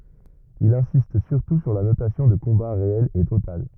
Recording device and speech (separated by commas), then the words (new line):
rigid in-ear microphone, read sentence
Il insiste surtout sur la notion de combat réel et total.